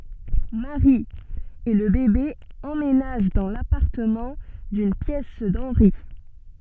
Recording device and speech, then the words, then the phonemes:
soft in-ear microphone, read sentence
Mary et le bébé emménagent dans l’appartement d’une pièce d’Henry.
mɛwʁi e lə bebe ɑ̃menaʒ dɑ̃ lapaʁtəmɑ̃ dyn pjɛs dɑ̃nʁi

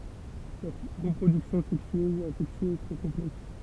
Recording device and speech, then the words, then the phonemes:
temple vibration pickup, read sentence
Leur reproduction sexuée ou asexuée est très complexe.
lœʁ ʁəpʁodyksjɔ̃ sɛksye u azɛksye ɛ tʁɛ kɔ̃plɛks

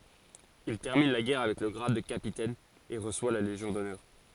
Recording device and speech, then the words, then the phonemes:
forehead accelerometer, read sentence
Il termine la guerre avec le grade de capitaine et reçoit la Légion d'honneur.
il tɛʁmin la ɡɛʁ avɛk lə ɡʁad də kapitɛn e ʁəswa la leʒjɔ̃ dɔnœʁ

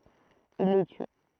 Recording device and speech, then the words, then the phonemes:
throat microphone, read sentence
Il les tue.
il le ty

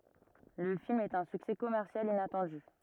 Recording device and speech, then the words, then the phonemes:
rigid in-ear microphone, read sentence
Le film est un succès commercial inattendu.
lə film ɛt œ̃ syksɛ kɔmɛʁsjal inatɑ̃dy

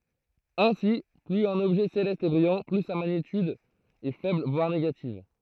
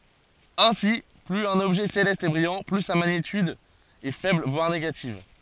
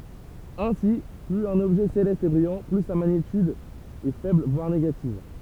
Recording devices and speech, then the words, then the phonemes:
throat microphone, forehead accelerometer, temple vibration pickup, read sentence
Ainsi, plus un objet céleste est brillant, plus sa magnitude est faible voire négative.
ɛ̃si plyz œ̃n ɔbʒɛ selɛst ɛ bʁijɑ̃ ply sa maɲityd ɛ fɛbl vwaʁ neɡativ

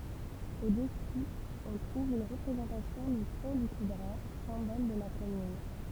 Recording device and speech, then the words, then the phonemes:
temple vibration pickup, read sentence
Au-dessous, on trouve une représentation du Pont du Coudray, symbole de la commune.
o dəsu ɔ̃ tʁuv yn ʁəpʁezɑ̃tasjɔ̃ dy pɔ̃ dy kudʁɛ sɛ̃bɔl də la kɔmyn

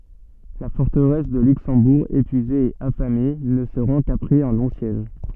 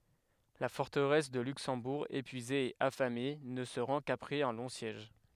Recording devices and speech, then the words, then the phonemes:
soft in-ear microphone, headset microphone, read sentence
La forteresse de Luxembourg, épuisée et affamée, ne se rend qu'après un long siège.
la fɔʁtəʁɛs də lyksɑ̃buʁ epyize e afame nə sə ʁɑ̃ kapʁɛz œ̃ lɔ̃ sjɛʒ

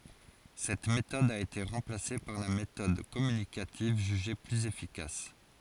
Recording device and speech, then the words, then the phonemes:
forehead accelerometer, read sentence
Cette méthode a été remplacée par la méthode communicative jugée plus efficace.
sɛt metɔd a ete ʁɑ̃plase paʁ la metɔd kɔmynikativ ʒyʒe plyz efikas

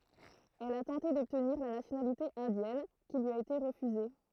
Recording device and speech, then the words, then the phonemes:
throat microphone, read sentence
Elle a tenté d'obtenir la nationalité indienne, qui lui a été refusée.
ɛl a tɑ̃te dɔbtniʁ la nasjonalite ɛ̃djɛn ki lyi a ete ʁəfyze

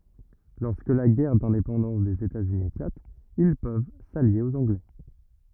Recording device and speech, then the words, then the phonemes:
rigid in-ear microphone, read sentence
Lorsque la guerre d'indépendance des États-Unis éclate, ils peuvent s'allier aux Anglais.
lɔʁskə la ɡɛʁ dɛ̃depɑ̃dɑ̃s dez etaz yni eklat il pøv salje oz ɑ̃ɡlɛ

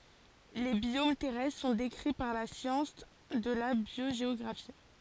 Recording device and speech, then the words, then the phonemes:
forehead accelerometer, read sentence
Les biomes terrestres sont décrits par la science de la biogéographie.
le bjom tɛʁɛstʁ sɔ̃ dekʁi paʁ la sjɑ̃s də la bjoʒeɔɡʁafi

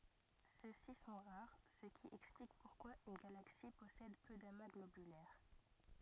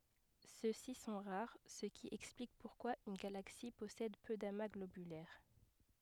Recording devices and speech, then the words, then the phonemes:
rigid in-ear microphone, headset microphone, read sentence
Ceux-ci sont rares, ce qui explique pourquoi une galaxie possède peu d'amas globulaires.
sø si sɔ̃ ʁaʁ sə ki ɛksplik puʁkwa yn ɡalaksi pɔsɛd pø dama ɡlobylɛʁ

